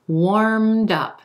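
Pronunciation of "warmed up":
In 'warmed up', the final d sound links over to the front of 'up'.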